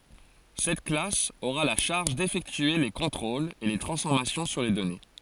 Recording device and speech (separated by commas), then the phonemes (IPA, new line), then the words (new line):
forehead accelerometer, read sentence
sɛt klas oʁa la ʃaʁʒ defɛktye le kɔ̃tʁolz e le tʁɑ̃sfɔʁmasjɔ̃ syʁ le dɔne
Cette classe aura la charge d'effectuer les contrôles et les transformations sur les données.